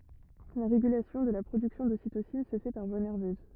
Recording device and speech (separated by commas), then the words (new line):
rigid in-ear microphone, read sentence
La régulation de la production d'ocytocine se fait par voie nerveuse.